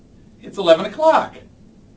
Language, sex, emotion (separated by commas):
English, male, happy